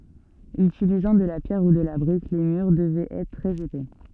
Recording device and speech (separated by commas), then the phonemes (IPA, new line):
soft in-ear microphone, read sentence
ytilizɑ̃ də la pjɛʁ u də la bʁik le myʁ dəvɛt ɛtʁ tʁɛz epɛ